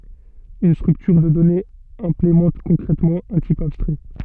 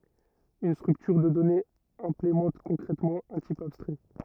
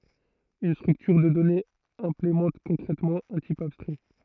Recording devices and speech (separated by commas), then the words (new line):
soft in-ear microphone, rigid in-ear microphone, throat microphone, read sentence
Une structure de données implémente concrètement un type abstrait.